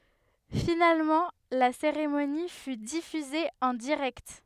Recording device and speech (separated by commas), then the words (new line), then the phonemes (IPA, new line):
headset microphone, read sentence
Finalement, la cérémonie fut diffusée en direct.
finalmɑ̃ la seʁemoni fy difyze ɑ̃ diʁɛkt